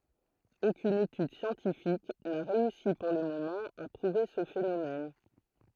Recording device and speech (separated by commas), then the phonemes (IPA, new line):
throat microphone, read sentence
okyn etyd sjɑ̃tifik na ʁeysi puʁ lə momɑ̃ a pʁuve sə fenomɛn